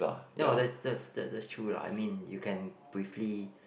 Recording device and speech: boundary microphone, conversation in the same room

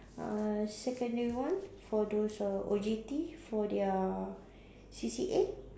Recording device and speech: standing microphone, conversation in separate rooms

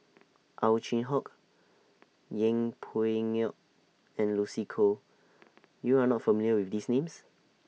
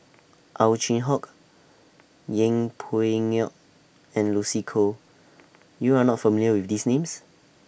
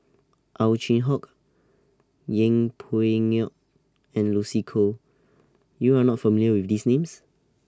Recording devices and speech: mobile phone (iPhone 6), boundary microphone (BM630), standing microphone (AKG C214), read sentence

